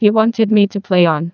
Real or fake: fake